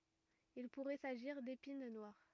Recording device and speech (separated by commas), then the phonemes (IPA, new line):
rigid in-ear microphone, read sentence
il puʁɛ saʒiʁ depin nwaʁ